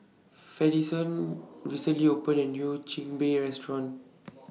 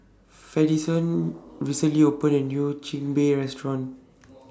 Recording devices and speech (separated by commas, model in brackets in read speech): mobile phone (iPhone 6), standing microphone (AKG C214), read sentence